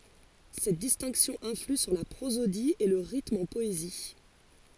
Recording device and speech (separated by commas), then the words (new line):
forehead accelerometer, read sentence
Cette distinction influe sur la prosodie et le rythme en poésie.